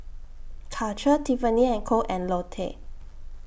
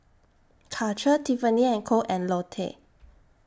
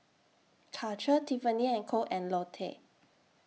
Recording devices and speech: boundary microphone (BM630), standing microphone (AKG C214), mobile phone (iPhone 6), read sentence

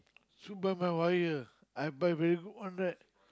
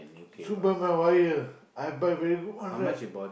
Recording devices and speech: close-talking microphone, boundary microphone, conversation in the same room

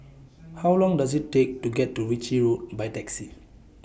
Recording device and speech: boundary microphone (BM630), read sentence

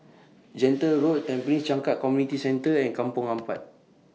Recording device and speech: mobile phone (iPhone 6), read sentence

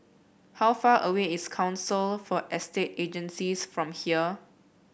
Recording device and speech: boundary microphone (BM630), read sentence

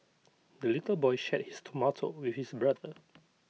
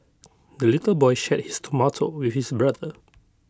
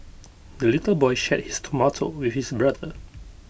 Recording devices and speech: mobile phone (iPhone 6), close-talking microphone (WH20), boundary microphone (BM630), read sentence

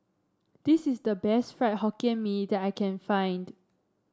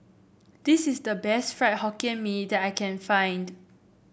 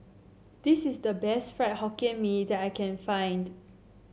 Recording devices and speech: standing microphone (AKG C214), boundary microphone (BM630), mobile phone (Samsung C7), read sentence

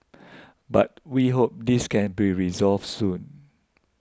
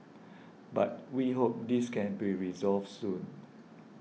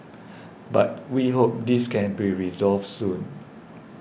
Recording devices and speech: close-talking microphone (WH20), mobile phone (iPhone 6), boundary microphone (BM630), read sentence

